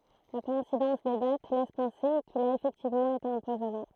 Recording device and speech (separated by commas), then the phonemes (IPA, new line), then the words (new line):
throat microphone, read sentence
la kɔɛ̃sidɑ̃s de dat lɛs pɑ̃se kil a efɛktivmɑ̃ ete ɑ̃pwazɔne
La coïncidence des dates laisse penser qu'il a effectivement été empoisonné.